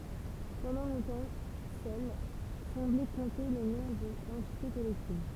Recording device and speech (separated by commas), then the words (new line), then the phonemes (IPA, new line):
temple vibration pickup, read sentence
Pendant longtemps seule semblait compter le nom de l'entité collective.
pɑ̃dɑ̃ lɔ̃tɑ̃ sœl sɑ̃blɛ kɔ̃te lə nɔ̃ də lɑ̃tite kɔlɛktiv